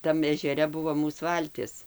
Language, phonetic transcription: Lithuanian, ˈtam ežeˈre ˈbuvo ˈmūs ˈvaltis

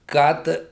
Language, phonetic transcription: Lithuanian, ˈkad

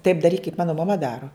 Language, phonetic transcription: Lithuanian, taip daˈryk kaip ˈmanu maˈma ˈdaru

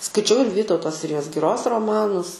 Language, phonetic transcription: Lithuanian, skaiˈčiau ir ˈvytauto ˈsirijos giˈros roˈmanus

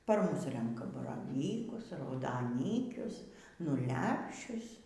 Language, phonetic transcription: Lithuanian, par ˈmus ˈrenka baraˈvykus raudaˈnykius nu ˈlepšius

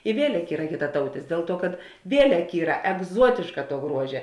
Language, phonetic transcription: Lithuanian, i ˈvielek ˈyra kitaˈtautis ˈdėl ˌtuo kad ˈvielek ˈyra egˈzuotėška tuo ˈgruožia

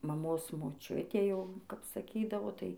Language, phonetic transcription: Lithuanian, maˈmos moˈčiutė ˈjau ˈkap saˈkydavo ˈtai

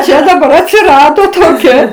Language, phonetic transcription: Lithuanian, ˈčia daˈbar atsiˈrado toˈkia

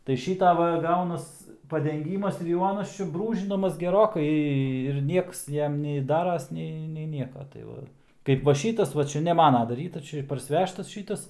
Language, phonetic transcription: Lithuanian, tai ˈšyta ˈva ˈgaunas padenˈgymas ir jau ˈanas ˈčia ˈbrūžinamas geˈrokai ir ˈnieks ˈjam nei ˈdaras ˈnei nei ˈnieka tai ˈva ˈkaip va ˈšytas va ˈčia ne ˈmana daˈrytas ˈčia ir parsiˈvežtas

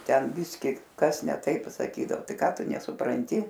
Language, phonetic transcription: Lithuanian, ˈten ˈbiski ˈkas ne ˈtaip saˈkydao ˈtai ˈką ˈtu nesupranˈti

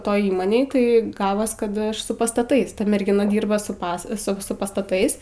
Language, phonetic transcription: Lithuanian, ˈtoj ˈįmonėj ˈtai ˈgavos kad ˈaš su pastaˈtais ˈta mergiˈna ˈdyrba su ˈpas su ˈsu pastaˈtais

